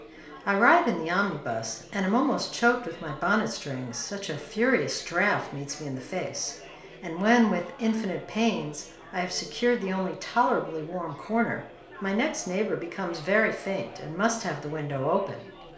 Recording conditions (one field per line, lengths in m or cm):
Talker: one person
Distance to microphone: 1.0 m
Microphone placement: close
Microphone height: 1.1 m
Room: small (3.7 m by 2.7 m)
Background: babble